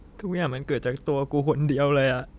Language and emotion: Thai, sad